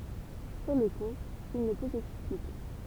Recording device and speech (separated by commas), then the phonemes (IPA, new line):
temple vibration pickup, read sentence
syʁ lə ku il nə pø sɛksplike